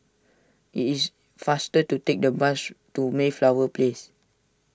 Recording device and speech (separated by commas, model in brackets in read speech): standing microphone (AKG C214), read sentence